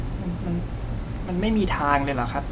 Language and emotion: Thai, frustrated